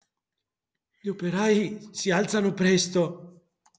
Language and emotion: Italian, fearful